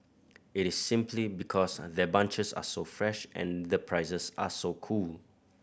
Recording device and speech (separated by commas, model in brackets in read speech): boundary microphone (BM630), read sentence